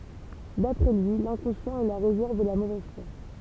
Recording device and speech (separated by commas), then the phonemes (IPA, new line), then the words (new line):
temple vibration pickup, read sentence
dapʁɛ lyi lɛ̃kɔ̃sjɑ̃t ɛ la ʁezɛʁv də la movɛz fwa
D'après lui, l’inconscient est la réserve de la mauvaise foi.